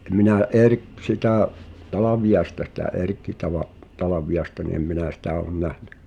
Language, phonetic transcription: Finnish, ’e minä̀ '’Erk- , sitä̀ , "Talaviʲaesta sitä̀ "’Erkki Tala’- , 'Talaviʲaĕsta ni em 'minä̀ "sitä̀ o̳n 'nähɴᴀ̈ .
- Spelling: en minä - sitä Talviaista sitä Erkki - Talviaista niin en minä sitä ole nähnyt

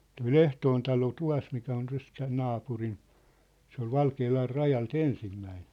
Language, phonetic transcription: Finnish, toi "ʟehtoon talo "tua̭smikä on 'täs tää "naapuriⁿ , se ‿ol "Valkeelar "rajal"t ‿ensimmäin .
- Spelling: tuo Lehtoon talo tuossa mikä on tässä tämä naapurin se oli Valkealan rajalta ensimmäinen

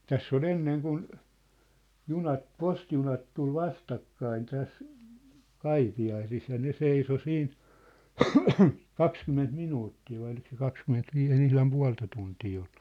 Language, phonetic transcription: Finnish, täss ‿ol "enneŋ kun , 'junat , "postijunat tul "vastakkain 'täs , "Kaipi₍aisis ja 'ne "seiso 'siin , "kakskymment 'minuuttii vai olik se 'kakskymment'viis ‿ei ne ihlam 'pua̭lta tuntii olʟᴜ .
- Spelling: tässä oli ennen kun junat postijunat tuli vastakkain tässä Kaipiaisissa ja ne seisoi siinä kaksikymmentä minuuttia vai oliko se kaksikymmentäviisi ei ne ihan puolta tuntia ollut

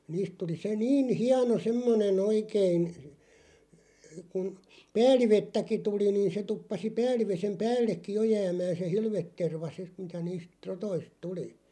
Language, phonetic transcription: Finnish, 'niist tuli se 'niin̳§ "hiano "semmone'n ‿oikein , kun , "pääl̆livettäki 'tuli niin̬ se 'tuppasi 'pääl̆livesem "päällekki "jo jäämään̬ se "hilvetterva 'sit , mitä 'niist , "rotoist 'tuli .
- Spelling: niistä tuli se niin hieno semmoinen oikein kun päällivettäkin tuli niin se tuppasi päälliveden päällekin jo jäämään se hilveterva sitten mitä niistä rotoista tuli

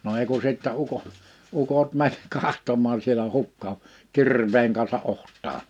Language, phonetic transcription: Finnish, no 'ei ku sìttä 'uko- , 'ukot män "kahtom̀aa sielä 'hukka o , 'kir̀v̀eeŋ kansa '’oht̀aa .
- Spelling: no ei kun sitten - ukot meni katsomaan siellä hukka on kirveen kanssa otsaan

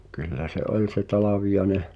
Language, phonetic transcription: Finnish, kyllä se '’oĺ se "Talavijaĕneʰ ,.
- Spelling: kyllä se oli se Talviainen

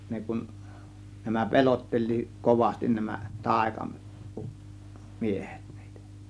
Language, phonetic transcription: Finnish, 'ne kun , nämä "pelotteĺ̆liiˀ , 'kovastin nämä , 'tàėka- uˀ- , 'miehEt NIItÄ .
- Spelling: ne kun nämä pelotteli kovasti nämä - - taikamiehet niitä

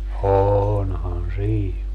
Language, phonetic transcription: Finnish, 'oonhan "sii .
- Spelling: onhan siinä

